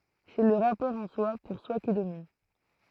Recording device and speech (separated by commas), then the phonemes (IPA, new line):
throat microphone, read sentence
sɛ lə ʁapɔʁ ɑ̃swa puʁswa ki domin